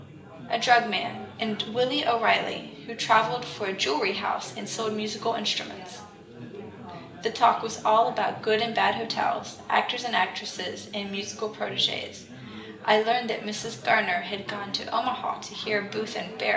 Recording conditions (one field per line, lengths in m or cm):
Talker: one person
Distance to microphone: 1.8 m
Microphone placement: close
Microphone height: 1.0 m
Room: large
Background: babble